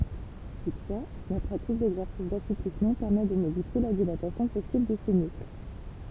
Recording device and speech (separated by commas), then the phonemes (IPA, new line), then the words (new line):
temple vibration pickup, read sentence
tutfwa la pʁatik dɛɡzɛʁsis dasuplismɑ̃ pɛʁmɛ də modifje la dilatasjɔ̃ pɔsibl də sə myskl
Toutefois, la pratique d'exercices d'assouplissement permet de modifier la dilatation possible de ce muscle.